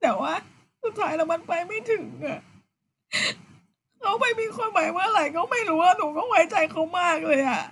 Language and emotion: Thai, sad